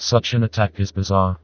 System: TTS, vocoder